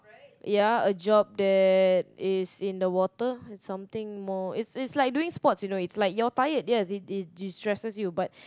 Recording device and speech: close-talking microphone, conversation in the same room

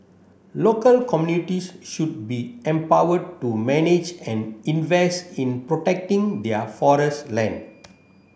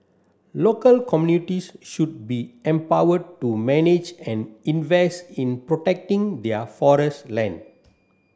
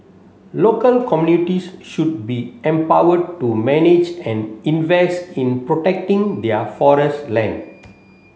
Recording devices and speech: boundary microphone (BM630), standing microphone (AKG C214), mobile phone (Samsung C7), read sentence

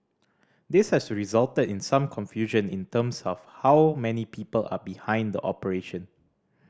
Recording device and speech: standing microphone (AKG C214), read sentence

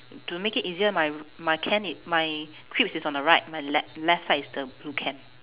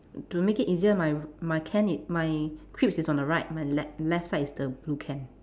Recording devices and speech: telephone, standing microphone, conversation in separate rooms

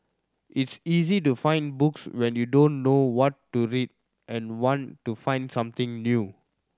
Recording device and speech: standing microphone (AKG C214), read sentence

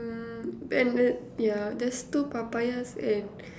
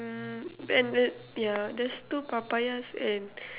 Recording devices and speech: standing microphone, telephone, conversation in separate rooms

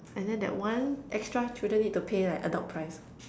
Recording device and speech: standing microphone, conversation in separate rooms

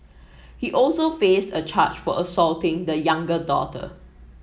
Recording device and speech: mobile phone (iPhone 7), read sentence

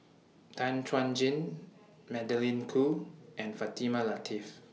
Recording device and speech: mobile phone (iPhone 6), read sentence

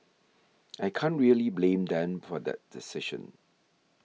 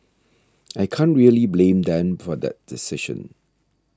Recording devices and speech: mobile phone (iPhone 6), standing microphone (AKG C214), read sentence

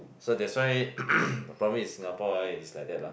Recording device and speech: boundary microphone, conversation in the same room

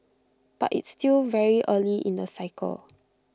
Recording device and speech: close-talking microphone (WH20), read sentence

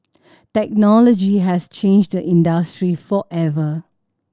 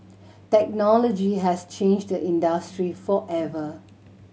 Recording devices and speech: standing microphone (AKG C214), mobile phone (Samsung C7100), read sentence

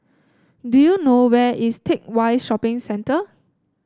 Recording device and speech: standing microphone (AKG C214), read sentence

